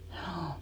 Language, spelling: Finnish, juu
- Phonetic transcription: hjuu .

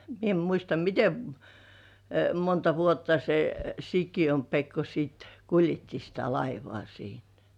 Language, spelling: Finnish, minä en muista miten - monta vuotta se Sikiön Pekko sitten kuljetti sitä laivaa siinä
- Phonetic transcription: mie ‿em muista "mite m- , "monta vuotta se , 'Sikijom 'Pekko siit , "kuljetti sitä laivŏà 'siin .

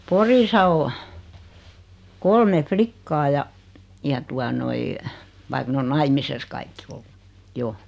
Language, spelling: Finnish, Porissa on kolme likkaa ja ja tuota noin vaikka ne on naimisissa kaikki ollut jo
- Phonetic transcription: 'Porisa o , 'kolme "flikkaa ja , ja tua noi , vaik 'n ‿on "naimises 'kaikki ollu , 'jo .

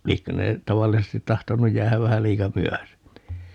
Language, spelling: Finnish, liekö ne tavallisesti tahtonut jäädä vähän liika myöhäiseksi niin
- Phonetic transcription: ('liekkö) ne , 'tavallisestit 'tahtonuj 'jäähäv 'vähä 'liika "myöhä(seks ni) .

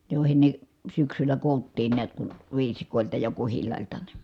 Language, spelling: Finnish, joihin ne syksyllä koottiin näet kun viisikoilta ja kuhilailta niin
- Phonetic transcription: jòi̮hen ne , syksyllä kòu̬ttiin niät kun̬ , viisikòelta ja kuhillài̮lta ni .

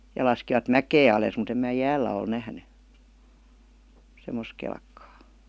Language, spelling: Finnish, ja laskivat mäkeä alas mutta en minä jäällä ole nähnyt semmoista kelkkaa
- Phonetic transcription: ja 'laskivat "mäkee alès mut ‿em mää "jäällä ol 'nähny , 'semmos kelkkaa .

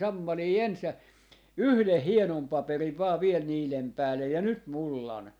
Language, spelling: Finnish, sammalia ensin ja yhden hienon paperin vain vielä niiden päälle ja nyt mullan
- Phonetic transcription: "sammalii 'ens ja , "yhleh 'hienom 'paperiv 'vaa 'viel 'niilem "päälle ja 'nyt "mullan .

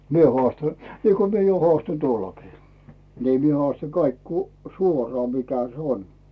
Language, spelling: Finnish, minä haastan niin kuin minä jo haastoin tuolloinkin niin minä haastan kaikki kun suoraan mikä se on
- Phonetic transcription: mie 'hᵒàsta , niiko mie jo 'hᵒàston "tuollokii , nii mie 'hᵒàsta 'kaik ku "suorᵒà mikä 's ‿on .

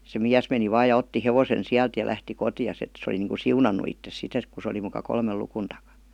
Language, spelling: Finnish, se mies meni vain ja otti hevosen sieltä ja lähti kotiinsa että se oli niin kuin siunannut itsensä sitten et kun se oli muka kolmen luvun takana
- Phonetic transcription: se "miäs meni 'vaaj ja otti 'hevosen "siält ja lähti "koti₍as ‿et se oli niiŋku "siunannu ittes 'sit ‿et ku se oli muka "kolmel 'lukun taka .

